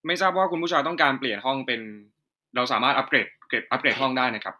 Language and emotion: Thai, neutral